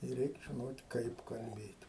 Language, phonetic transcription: Lithuanian, ir ˈreik žiˈnot' ˈkaip kalˈbėt'

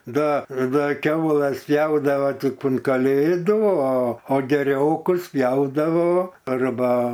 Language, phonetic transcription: Lithuanian, ˈda ˈda ˈkiaulas ˈpjaudavo ˈtip un kaˈlėdu o o geˈriokus ˈpjaudavo arˈba

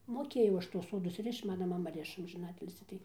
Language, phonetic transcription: Lithuanian, moˈkėjau ˈaš tuos ˈsodus ˈrišč ˈmana maˈma ˈriša amžiˈnatilsį tai

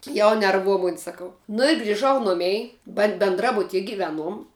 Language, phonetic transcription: Lithuanian, jau nerˈvuo ˈmuni saˈkau nu i griˈžau ˈnumei ba benˈdrabutie giˈveˌnuom

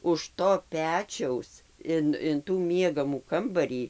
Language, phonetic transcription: Lithuanian, už ˈto ˈpečiaus ˈin in tų ˈmiegamų ˈkambarį

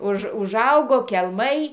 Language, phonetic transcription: Lithuanian, ˈuž užˈaugo kelˈmai

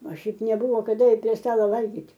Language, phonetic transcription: Lithuanian, o ˈšiaip neˈbuvo kaˈda ir prie ˈstalo ˈvalgyt'

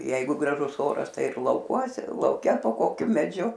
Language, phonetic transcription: Lithuanian, ˈjeigu graˈžus ˈoras ˈtai ir lauˈkuose lauˈke po ˈkokiu meˈdžiu

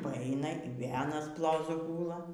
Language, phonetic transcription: Lithuanian, paˈaina ir ˈvėl aˈnas ˈplozu ˈgūla

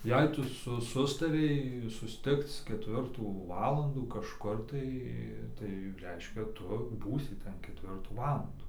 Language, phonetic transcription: Lithuanian, ˈjei ˈtu ˈsu ˈsustarei susˈtikc keˈtvirtų ˈvalandų kažˈkur tai tai ˈreiškia ˈtu ˈbūsi ˈten keˈtvirtų ˈvalandų

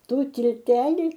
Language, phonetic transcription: Lithuanian, ˈtų tilˈteli

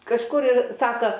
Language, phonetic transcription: Lithuanian, kažˈkur ir ˈsaka

